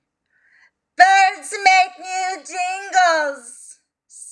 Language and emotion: English, fearful